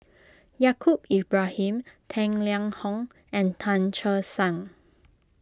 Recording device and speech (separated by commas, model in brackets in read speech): close-talking microphone (WH20), read sentence